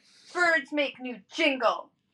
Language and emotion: English, angry